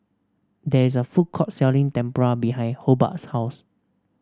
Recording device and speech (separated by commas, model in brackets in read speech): standing microphone (AKG C214), read sentence